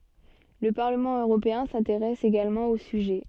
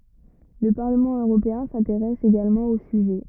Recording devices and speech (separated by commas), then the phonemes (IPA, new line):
soft in-ear microphone, rigid in-ear microphone, read sentence
lə paʁləmɑ̃ øʁopeɛ̃ sɛ̃teʁɛs eɡalmɑ̃ o syʒɛ